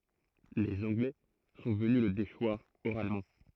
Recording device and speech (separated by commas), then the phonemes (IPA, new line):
throat microphone, read sentence
lez ɑ̃ɡlɛ sɔ̃ vəny lə deʃwaʁ oʁalmɑ̃